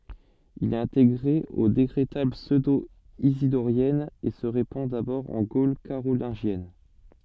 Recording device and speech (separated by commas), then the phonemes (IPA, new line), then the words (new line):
soft in-ear microphone, read sentence
il ɛt ɛ̃teɡʁe o dekʁetal psødoizidoʁjɛnz e sə ʁepɑ̃ dabɔʁ ɑ̃ ɡol kaʁolɛ̃ʒjɛn
Il est intégré aux Décrétales pseudo-isidoriennes et se répand d'abord en Gaule carolingienne.